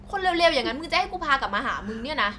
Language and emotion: Thai, angry